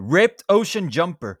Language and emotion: English, angry